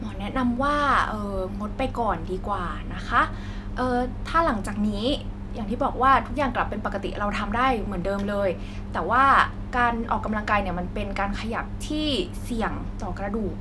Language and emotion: Thai, neutral